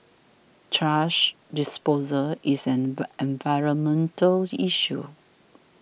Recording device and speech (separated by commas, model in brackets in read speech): boundary microphone (BM630), read sentence